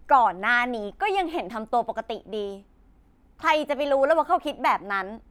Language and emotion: Thai, angry